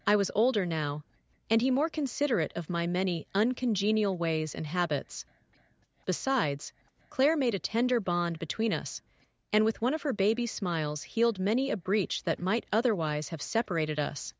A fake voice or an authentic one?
fake